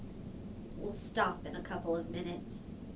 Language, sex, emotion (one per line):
English
female
neutral